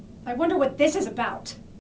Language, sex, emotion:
English, female, angry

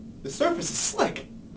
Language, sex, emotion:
English, male, fearful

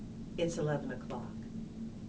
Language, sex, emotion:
English, female, neutral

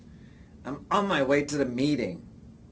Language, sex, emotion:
English, male, angry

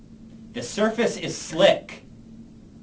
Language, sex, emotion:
English, male, angry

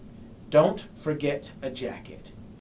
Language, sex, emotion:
English, male, angry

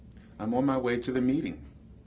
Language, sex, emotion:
English, male, neutral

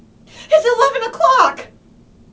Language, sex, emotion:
English, female, fearful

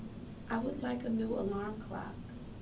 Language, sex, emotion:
English, female, neutral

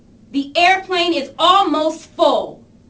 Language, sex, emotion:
English, female, angry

